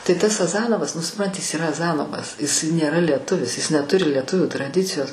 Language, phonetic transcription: Lithuanian, tai ˈtas aˈzanovas nu supˈranti jis yˈra aˈzanovas jis nėˈra lieˈtuvis jis neˈturi lieˈtuvių traˈdicijos

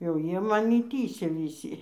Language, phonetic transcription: Lithuanian, jau ˈjie maˈni ˈtįsia viˈsy

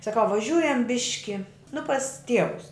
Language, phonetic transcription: Lithuanian, saˈkau vaˈžiūjam ˈbiški nu pas ˈtievus

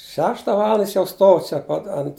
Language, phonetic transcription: Lithuanian, ˈšešta ˈvalanda ˈjis jau ˈstov čia ˈpat ant

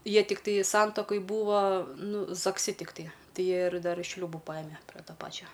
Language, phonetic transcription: Lithuanian, ˈjie tikˈtai ˈsantakoj ˈbūva ˈnu zakˈsi tikˈtai ˈtai ˈjie ir ˈdar ˈšliūbu ˈpajime pre ˈto ˈpačio

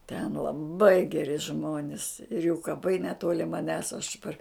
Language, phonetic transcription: Lithuanian, ten laˈbai geˈri ˈžmonis ir jų kaˈpai neˈtoli maˈnęs aš par

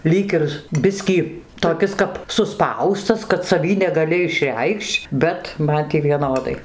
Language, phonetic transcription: Lithuanian, ˈlyg ir ˈbiskį toˈkis kap suˈspaustas kad saˈvį negaˈli išˈreikš'č' ˈbet ˈman tį vieˈnodai

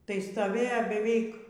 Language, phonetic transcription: Lithuanian, tai stoˈvėjo beˈveik

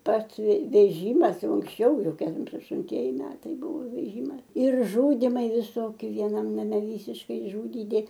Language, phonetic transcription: Lithuanian, ˈpats ve veˈžymas ˈjau unksˈčiau ˈjau ˈkem aštunˈtieji ˈmetai ˈbūvo veˈžymas ir ˈžudimai viˈsoki vieˈnam naˈme ˈvysiškai išˈžudydi

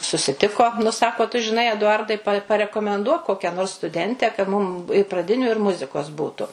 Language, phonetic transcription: Lithuanian, susiˈtiko nu ˈsako tu žiˈnai eduˈardai pa parekomenˈduok ˈkokia nors stuˈdente ka ˈmum i praˈdiniu ir ˈmuzikos ˈbūtu

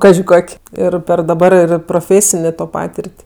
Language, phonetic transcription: Lithuanian, ˈkaži ˈkok' ˈir per daˈbar ir proˈfėsinė to ˈpatir't'

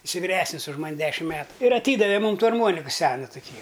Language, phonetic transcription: Lithuanian, ˈisai viˈresnis už ˈman' ˈdešim ˈmetu ir aˈtydave ˈmūm ˈtų arˈmuoniku ˈsenu tuˈkį

